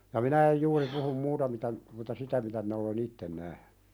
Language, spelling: Finnish, ja minä en juuri puhu muuta mitä mutta sitä mitä minä olen itsen nähnyt
- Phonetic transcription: ja "minä ej juuri puhum 'muuta mitä , muta "sitä mitä minä ole"n ‿itten nähɴʏ .

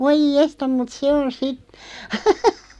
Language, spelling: Finnish, voi jestas mutta se on sitten
- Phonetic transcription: 'voiʲ "jestam mut "se on 'si(t) ,.

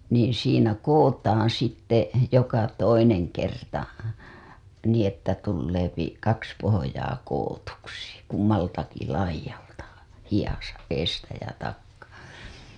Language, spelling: Finnish, niin siinä kudotaan sitten joka toinen kerta niin että tulee kaksi pohjaa kudotuksi kummaltakin laidalta hihassa edestä ja takaa
- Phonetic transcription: niiḭ siinä "koWotaaa̰ sitte , joka 'toineŋ kerta , nii ‿että tulleepi , 'kaks pohojaa kowotuksi , 'kummaltaki "laij̆jalta , hijasa , eestä ja takkaa .

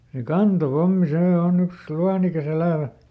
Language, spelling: Finnish, se kantopommi se on yksi luonnikas elävä
- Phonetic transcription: se "kanto"pommi ˈsee ˈòˈn ‿yks "luanikaˈs ‿elä̀vä !

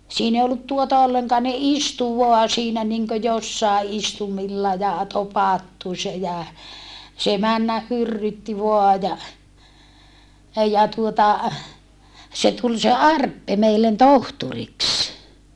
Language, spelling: Finnish, siinä ei ollut tuota ollenkaan ne istui vain siinä niin kuin jossakin istuimilla ja topattu se ja se mennä hyrrytti vain ja ja tuota se tuli se Arppe meille tohtoriksi
- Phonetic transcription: siin ‿ei ollut tuota olleŋkaa ne istu voa siinä niŋkö jossàe ʼistumilla ja topattu se jä , se männäh hyrrytti voa ja , ja tuota , se tul se Arppe meillen tohturiks .

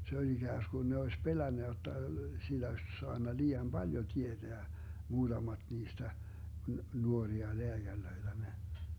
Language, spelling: Finnish, se oli ikään kuin ne olisi pelännyt jotta sillä olisi saanut liian paljon tietää muutamat niistä nuoria lääkäreitä ne
- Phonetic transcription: 'se oĺ 'iGääskun ne oes 'pelännä jotta , sillä oś 'soanna lii₍am "Baljo 'tieDeä , 'muuDamaD 'niistä , 'nuoria 'leäGärlöiDä ne .

